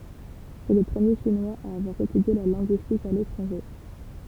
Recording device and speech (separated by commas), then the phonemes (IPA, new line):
temple vibration pickup, read sentence
sɛ lə pʁəmje ʃinwaz a avwaʁ etydje la lɛ̃ɡyistik a letʁɑ̃ʒe